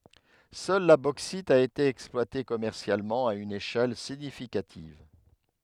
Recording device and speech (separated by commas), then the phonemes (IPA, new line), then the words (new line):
headset microphone, read sentence
sœl la boksit a ete ɛksplwate kɔmɛʁsjalmɑ̃ a yn eʃɛl siɲifikativ
Seule la bauxite a été exploitée commercialement à une échelle significative.